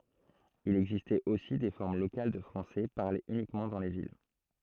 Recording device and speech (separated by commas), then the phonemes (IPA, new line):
throat microphone, read sentence
il ɛɡzistɛt osi de fɔʁm lokal də fʁɑ̃sɛ paʁlez ynikmɑ̃ dɑ̃ le vil